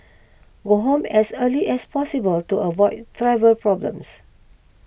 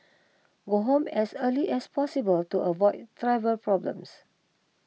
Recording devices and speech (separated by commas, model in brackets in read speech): boundary microphone (BM630), mobile phone (iPhone 6), read sentence